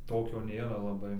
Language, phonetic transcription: Lithuanian, ˈtokio ˈnėra laˈbai

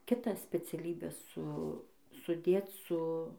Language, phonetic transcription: Lithuanian, kiˈtą speciaˈlybę ˈsu suˈdėc su

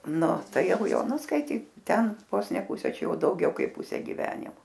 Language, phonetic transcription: Lithuanian, ˈnu ˈtai ˈjau ˈjo ˈnu skaiˈtyk ˈten ˈvos ne ˈpuse ˈčia ˈjau dauˈgiau ˈkaip ˈpuse giˈvenimo

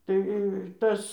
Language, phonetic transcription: Lithuanian, ˈtai ˈtas

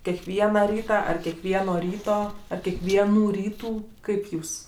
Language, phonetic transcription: Lithuanian, kekˈviena ˈryta ˈar kekˈvieno ˈryto ˈar kiekˈvienų ˈrytų ˈkaip ˈjūs

